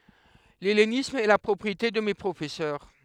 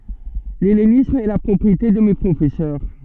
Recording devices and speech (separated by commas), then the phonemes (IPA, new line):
headset microphone, soft in-ear microphone, read sentence
lɛlenism ɛ la pʁɔpʁiete də me pʁofɛsœʁ